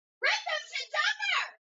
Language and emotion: English, happy